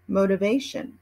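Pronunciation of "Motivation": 'Motivation' is pronounced in American English.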